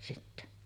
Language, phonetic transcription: Finnish, sitte .
- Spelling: sitten

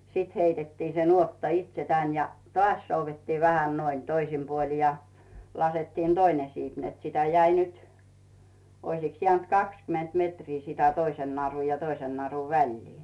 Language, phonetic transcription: Finnish, 'siit heitettii se 'nuotta "itse 'tän , ja , "tᵒàs souvettiiv 'vähän 'noin , 'toisim puoli ja , 'lasettiin "Doine 'siip net sitä jäi nyt , oisiks jᵉä̀nt "kakskyment 'metrii sitä 'toisen naru ja 'toisen naru "väĺlii .
- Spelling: sitten heitettiin se nuotta itse tänne ja taas soudettiin vähän noin toisin puolin ja laskettiin toinen siipi että sitä jäi nyt olisikos jäänyt kaksikymmentä metriä sitä toisen narun ja toisen narun väliä

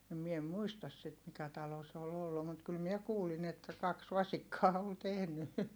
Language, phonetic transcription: Finnish, (ja) mie em muistas sit mikä talo se ol ‿ollu mut kyl miɛ kuulin ‿että kaks vasikkaa ol tehny .
- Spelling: ja minä en muista sitä mikä talo se oli ollut mutta kyllä minä kuulin että kaksi vasikkaa oli tehnyt

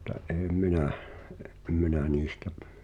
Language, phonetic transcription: Finnish, [mut]t̀a ’eem "minäh , em "minä 'niistä ,.
- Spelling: mutta en minä en minä niistä

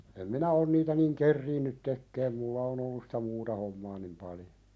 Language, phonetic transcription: Finnish, em minä on niitä niŋ "kerriinnyt 'tekkeem mulla on ‿ollus sᴵtä "muuta hommaa nim 'paljo .
- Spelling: en minä ole niitä niin ehtinyt tekemään minulla on ollut sitä muuta hommaa niin paljon

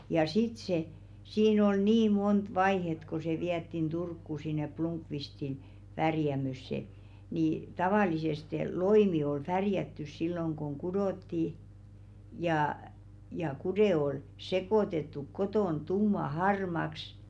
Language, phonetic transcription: Finnish, ja "sit se , 'siin ol "nii 'mont "vaihet ko se 'viättin 'Durkku sin̆ne 'Plumkvistin , 'värjämösse , ni , "tavàliseste , "loimi ol 'färjättys silloŋ koŋ 'kudòtti , jà , ja 'kudè ol "sekòtettuk 'kotòn 'tumma "harmaks ,.
- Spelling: ja sitten se siinä oli niin monta vaihetta kun se vietiin Turkuun sinne Blomqvistin värjäämöön niin tavallisesti loimi oli värjätty silloin kun kudottiin ja ja kude oli sekoitettu kotona tumman harmaaksi

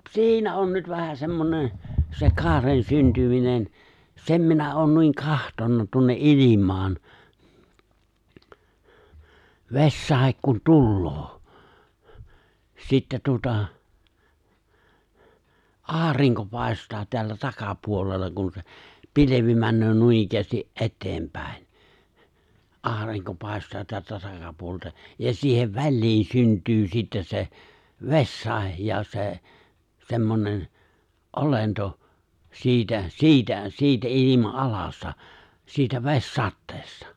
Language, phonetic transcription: Finnish, t- , 'si̬inä on nyt vähä 'semmone , se 'kaaren 'syntyminen , 'sem minä oon nuiŋ 'kahtonna tuonne '’ilim̀aan , 've̬śsàek kun 'tulloo , 'sittä tuᵒta , "’aariŋko 'pài̬st̀aa teällä 'takapuolella kun se , 'pilevi männöö 'nuinikkäästi’ '’e̬t̀teempä̀in , '’aariŋko 'pài̬st̀aa teältä 'takapuolelta , ja siihev 'väĺliin 'synt̀yy sittä se , 'vessàej ja 'se , 'se̬mmonen , '’olento , 'si̬itä , "si̬itä , 'si̬itä '’ilima"’alasta , siitä 've̬s'satteestᴀ .
- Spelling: - siinä on nyt vähän semmoinen se kaaren syntyminen sen minä olen noin katsonut tuonne ilmaan vesisade kun tulee sitten tuota aurinko paistaa täällä takapuolella kun se pilvi menee noinikään eteenpäin aurinko paistaa täältä takapuolelta ja siihen väliin syntyy sitten se vesisade ja se semmoinen olento siitä siitä siitä ilmanalasta siitä vesisateesta

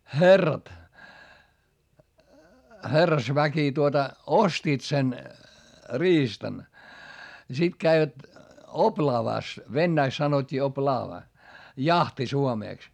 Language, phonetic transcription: Finnish, χerrat , herrasväki tuota , ostiit sen , riistan , ja sit käivät , oplaavàs , vennäiks sanot́t́ii op"laava , jahti suomèks .
- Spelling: herrat herrasväki tuota ostivat sen riistan ja sitten kävivät oplaavassa venäjäksi sanottiin oplaava jahti suomeksi

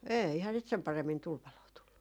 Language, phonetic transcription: Finnish, 'eihää sit 'sem paremmin 'tulpaloo tullu .
- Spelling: eihän sitä sen paremmin tulipaloa tullut

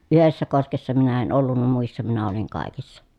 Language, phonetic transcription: Finnish, yhessä koskessa minä en ollunna muissa minä oliŋ kài̮kissa .
- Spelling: yhdessä koskessa minä en ollut muissa minä olin kaikissa

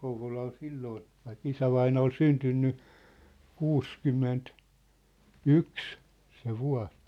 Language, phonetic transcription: Finnish, 'Kouvola ol 'silloon̬ , vaik "isävaina ol "syntynny , "kuuskymment- , "-yks , se 'vua̭s ,.
- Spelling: Kouvola oli silloin vaikka isävainaja oli syntynyt - kuusikymmentäyksi se vuosi

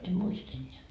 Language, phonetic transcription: Finnish, em "muist eńńeä .
- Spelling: en muista enää

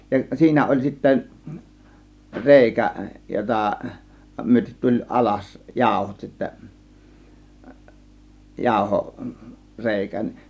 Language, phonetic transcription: Finnish, ja 'siinä oĺ sittä , "rèikä 'jotà , 'myötet tuĺ "ˀalas "jáȯhot sittä 'jàȯho- , 'rèikä .
- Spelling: ja siinä oli sitten reikä jota myöten tuli alas jauhot sitten - jauhoreikä

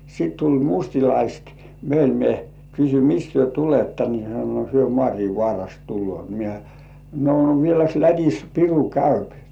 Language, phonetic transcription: Finnish, 'sit tuĺ "mustilaist 'meil mie kysy » "mist työ 'tuletta « ni hyö sano » 'hyö "Mŏàriivŏàrast tullŭòt « mie , » no 'vieläks "Lät̜is "piru käyp « .
- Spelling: sitten tuli mustalaiset meille minä kysyin mistä te tulette niin he sanoi he Maarinvaarasta tulevat minä no vieläkö Lätissä piru käy

